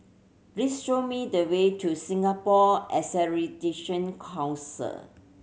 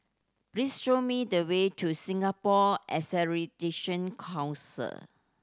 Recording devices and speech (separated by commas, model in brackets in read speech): mobile phone (Samsung C7100), standing microphone (AKG C214), read sentence